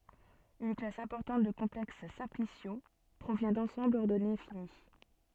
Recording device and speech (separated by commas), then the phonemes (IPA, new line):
soft in-ear microphone, read sentence
yn klas ɛ̃pɔʁtɑ̃t də kɔ̃plɛks sɛ̃plisjo pʁovjɛ̃ dɑ̃sɑ̃blz ɔʁdɔne fini